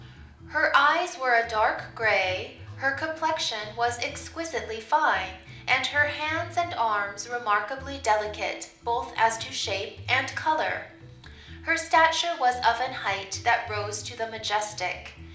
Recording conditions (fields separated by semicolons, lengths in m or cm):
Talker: one person; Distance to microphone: 2.0 m; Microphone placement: close; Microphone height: 99 cm; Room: medium-sized (5.7 m by 4.0 m); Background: music